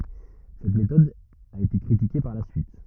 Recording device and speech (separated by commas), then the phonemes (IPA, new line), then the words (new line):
rigid in-ear microphone, read sentence
sɛt metɔd a ete kʁitike paʁ la syit
Cette méthode a été critiquée par la suite.